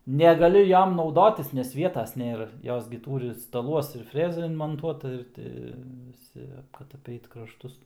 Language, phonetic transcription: Lithuanian, negaˈliu ˈjom nauˈdotis nes ˈvietas nėˈra ˈjos gi ˈtūri staˈluos ir ˈfrezą inmonˈtuota ir ˈti viˈsi kad aˈpeit krašˈtus

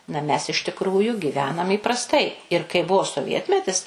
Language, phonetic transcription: Lithuanian, na mes iš tikˈrųjų gyˈvenam įprasˈtai ir kai ˈbuvo soˈvietmetis

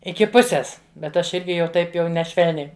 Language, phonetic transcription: Lithuanian, ˈiki ˈpusės bet ˈaš ˈirgi jau ˈtaip jau neˈšvelniai

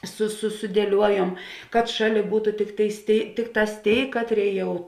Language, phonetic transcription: Lithuanian, su su sudieˈliuojuom kad ˈšaˌlė ˈbūtu ˈtikˌtėis ˈtėi ˈtikˌtās ˈtėi ˈkatˌrėi ˈjau

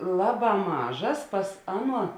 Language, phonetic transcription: Lithuanian, ˈlaˌbā ˈmažas ˈpas ˈaˌnuo

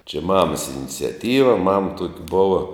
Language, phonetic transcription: Lithuanian, čia ˈmamas iniciaˈtyva mam tuok ˈbova

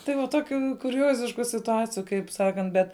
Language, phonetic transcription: Lithuanian, ˈtai va ˈtokiu kuˈriozišku situˈaciju kaip ˈsakant ˈbet

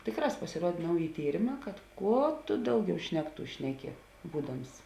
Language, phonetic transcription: Lithuanian, ˈtėˌkrās pasiˈruod' ˈnauˌji ˈtyrėˌmā kad ˈkuo tu ˈdauˌgiau ˈšnekˌtų ˈšneˌki ˈbūdams

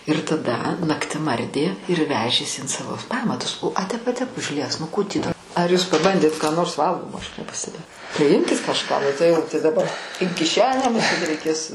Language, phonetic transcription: Lithuanian, ir taˈda nakˈtim ˈardė ir ˈvežės in ˈsavo ˈpamatus o a ˈtep a ˈtep užˈlies nu ˈkų tį da ar jūs paˈbandėt ką ˈnors ˈvalgomo ˈaš nepasteˈbėjau tai ˈimkit kažˈką tai ˈjau tai daˈba in kiˈšenę muˈsėt reiˈkės

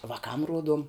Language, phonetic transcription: Lithuanian, vaˈkam ˈruoduom

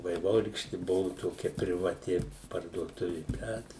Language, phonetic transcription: Lithuanian, vaiˈvorykšti ˈbuvu toˈkia privaˈti parduoˈtuvi ˈbet

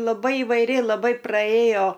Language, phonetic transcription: Lithuanian, laˈbai ivaiˈri laˈbai praˈėjo

